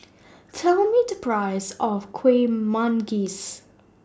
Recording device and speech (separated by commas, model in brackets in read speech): standing microphone (AKG C214), read sentence